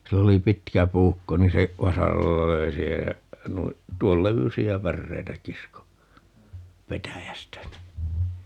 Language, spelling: Finnish, sillä oli pitkä puukko niin se vasaralla löi siihen ja noin tuon levyisiä päreitä kiskoi petäjästä niin
- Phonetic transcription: 'sill ‿oli "pitkä 'puukko niin se , 'vasaralla "löi siihej jä , 'nui , 'tuol "levysi₍ä 'pärreitä 'kisko , "petäjästä (ni) .

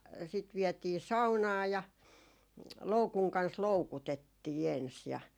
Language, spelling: Finnish, sitten vietiin saunaan ja loukun kanssa loukutettiin ensin ja
- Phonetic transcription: sit 'viɛtii "saunaa ja , 'loukuŋ kans "loukutettii ens ja .

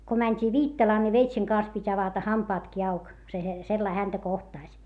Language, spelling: Finnish, kun mentiin Viittalaan niin veitsen kanssa piti avata hampaatkin auki se - sellainen häntä kohtasi
- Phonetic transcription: ko mäńt́ii Viittalaa ni veitseŋ kans pit́ ‿avata hampaatki auk , se he- , sellai häntä kohtàś .

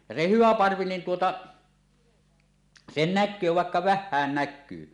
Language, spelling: Finnish, ja se hyvä parvi niin tuota sen näkee vaikka vähänkin näkyy
- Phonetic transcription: ja se "hyvä "parvi niin 'tuota , 'sen 'näk̆köö vàekka "väh̆hään 'näk̆kyy .

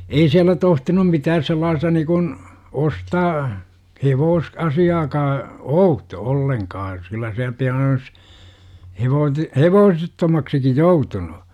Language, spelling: Finnish, ei siellä tohtinut mitään sellaista niin kuin ostaa - hevosasiaakaan outo ollenkaan kyllä siellä pian olisi - hevosettomaksikin joutunut
- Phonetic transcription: ei siällä 'tohtinum 'mitääs sellaasta nikun , "ostaa , 'hevoos- , 'asi₍aakaa , "outo 'olleŋkaa kyllä siäl pian olis , 'hevoot- , "hevoosettomaksiki 'joutunu .

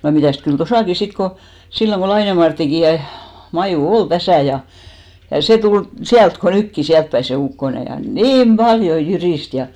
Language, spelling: Finnish, ja mitäs kyllä tuossakin sitten kun silloin kun Laineen Marttikin ja Maju oli tässä ja ja se tuli sieltä kuin nytkin sieltäpäin se ukkonen ja niin paljon jyristi ja
- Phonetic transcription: ja 'mitä̀st kyl "tosàki 'sit ko , 'silloŋ ɢo 'Laine Marttiki , ja 'Majù "ol 'täsä̀ ja , ja 'sè tul , "siält ko 'nykki , 'siältpäi se 'ukkone , ja "niim 'ʙaljo 'jyrìst ja .

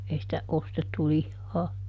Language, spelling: Finnish, ei sitä ostettu lihaa
- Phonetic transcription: ˈei sⁱtä , ˈostettu "lihhaa ,.

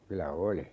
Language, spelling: Finnish, kyllä oli
- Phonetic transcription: 'kylä "oli .

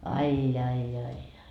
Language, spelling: Finnish, ai ai ai ai
- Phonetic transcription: 'ai 'jai jai jai .

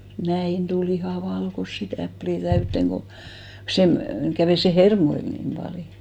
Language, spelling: Finnish, näin tuli ihan valkoisia täpliä täyteen kun sen kävi se hermoille niin paljon
- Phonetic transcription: "näin tu'l ‿ihà 'valkossi 'täplì 'täytteŋ ko , 'sem , kävè se "hermoil 'nim paljo .

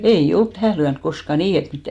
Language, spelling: Finnish, ei ole tähän lyönyt koskaan niin että mitään
- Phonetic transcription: 'ei 'olt "tähä̀ lyänk 'koska "nii et 'mittä .

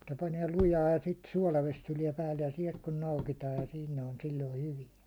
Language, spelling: Finnish, mutta panee lujaa ja sitten suolavesi tulee päälle ja sieltä kun noukitaan ja sitten ne on silloin hyviä
- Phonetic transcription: muttᴀ paniɛ 'lujaa ja sit 'suålaves tuliɛ päälle ja 'siɛlt kun 'noukitaaj ja sin ne on 'sil̜loi 'hyvijä .

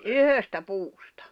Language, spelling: Finnish, yhdestä puusta
- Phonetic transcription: yhöstä 'puustᴀ .

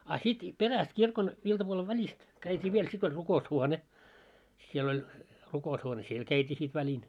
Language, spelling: Finnish, a sitten perästä kirkon iltapuolen välistä käytiin vielä sitten oli rukoushuone siellä oli rukoushuone siellä käytiin sitten välin
- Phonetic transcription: a 'sit , "peräst 'kirkon , iltapuole 'väĺist , käit́ii 'viel sit ‿oĺ 'ruko₍us'huone , siel oĺ , 'ruko₍ushuone "siel 'käit́ii sit väĺin .

